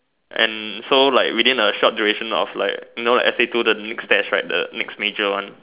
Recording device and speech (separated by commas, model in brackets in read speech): telephone, conversation in separate rooms